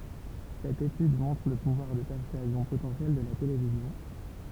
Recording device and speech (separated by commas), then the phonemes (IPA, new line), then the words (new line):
temple vibration pickup, read sentence
sɛt etyd mɔ̃tʁ lə puvwaʁ də pɛʁsyazjɔ̃ potɑ̃sjɛl də la televizjɔ̃
Cette étude montre le pouvoir de persuasion potentiel de la télévision.